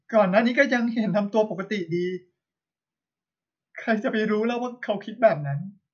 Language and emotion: Thai, sad